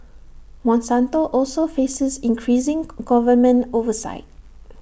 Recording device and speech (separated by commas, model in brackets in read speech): boundary microphone (BM630), read sentence